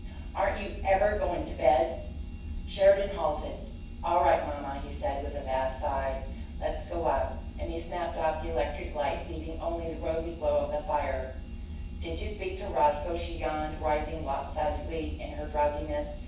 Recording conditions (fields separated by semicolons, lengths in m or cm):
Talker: one person; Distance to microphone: 9.8 m; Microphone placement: far; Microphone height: 1.8 m; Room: large; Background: none